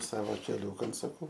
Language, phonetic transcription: Lithuanian, ˈsavo keˈliūkan suˈku

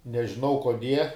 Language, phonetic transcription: Lithuanian, nežiˈnau koˈdie

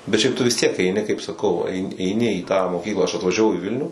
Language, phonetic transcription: Lithuanian, bet šiaip tu vis tiek eiˈni kaip saˈkau ai eiˈni į tą moˈkyklą aš atvažiaˈvau i ˈvilnių

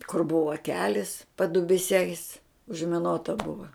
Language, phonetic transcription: Lithuanian, kur ˈbuva ˈkelis padubiˈsiais užmiˈnota ˈbuva

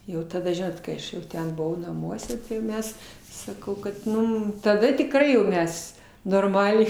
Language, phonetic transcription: Lithuanian, ˈjau taˈda ˈžinot kai ˈaš jau ˈten buˈvau naˈmuose tai jau ˈmes saˈkau kad ˈmum taˈda tikˈrai jau ˈmes norˈmaliai

